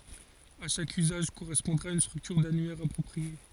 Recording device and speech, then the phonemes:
forehead accelerometer, read sentence
a ʃak yzaʒ koʁɛspɔ̃dʁa yn stʁyktyʁ danyɛʁ apʁɔpʁie

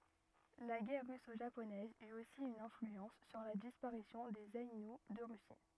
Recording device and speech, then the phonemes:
rigid in-ear microphone, read sentence
la ɡɛʁ ʁyso ʒaponɛz yt osi yn ɛ̃flyɑ̃s syʁ la dispaʁisjɔ̃ dez ainu də ʁysi

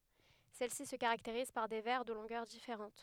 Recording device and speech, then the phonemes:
headset microphone, read sentence
sɛl si sə kaʁakteʁiz paʁ de vɛʁ də lɔ̃ɡœʁ difeʁɑ̃t

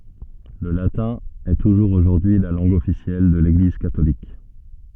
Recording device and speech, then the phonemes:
soft in-ear microphone, read sentence
lə latɛ̃ ɛ tuʒuʁz oʒuʁdyi y la lɑ̃ɡ ɔfisjɛl də leɡliz katolik

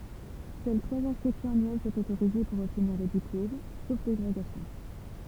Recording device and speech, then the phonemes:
temple vibration pickup, read sentence
sœl tʁwaz ɛ̃skʁipsjɔ̃z anyɛl sɔ̃t otoʁize puʁ ɔbtniʁ lə diplom sof deʁoɡasjɔ̃

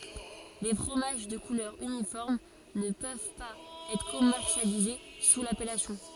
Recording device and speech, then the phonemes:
forehead accelerometer, read sentence
le fʁomaʒ də kulœʁ ynifɔʁm nə pøv paz ɛtʁ kɔmɛʁsjalize su lapɛlasjɔ̃

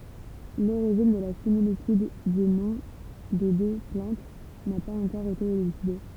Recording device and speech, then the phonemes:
temple vibration pickup, read sentence
loʁiʒin də la similityd dy nɔ̃ de dø plɑ̃t na paz ɑ̃kɔʁ ete elyside

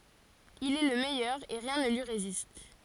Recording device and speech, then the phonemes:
forehead accelerometer, read sentence
il ɛ lə mɛjœʁ e ʁjɛ̃ nə lyi ʁezist

